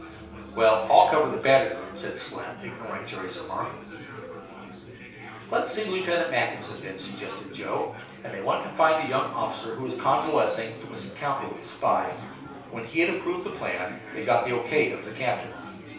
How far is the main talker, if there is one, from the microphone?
3.0 m.